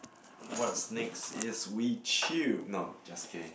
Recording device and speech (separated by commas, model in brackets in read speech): boundary microphone, conversation in the same room